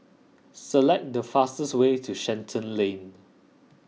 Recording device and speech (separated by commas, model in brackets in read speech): mobile phone (iPhone 6), read sentence